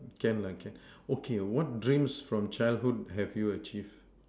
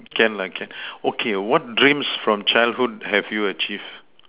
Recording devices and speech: standing microphone, telephone, conversation in separate rooms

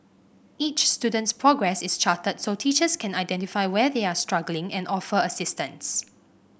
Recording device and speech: boundary microphone (BM630), read sentence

